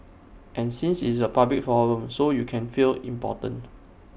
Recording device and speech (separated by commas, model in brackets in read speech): boundary microphone (BM630), read sentence